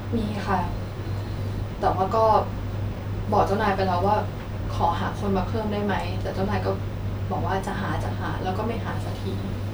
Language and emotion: Thai, sad